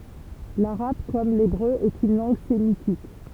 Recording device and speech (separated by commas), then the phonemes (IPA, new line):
temple vibration pickup, read sentence
laʁab kɔm lebʁø ɛt yn lɑ̃ɡ semitik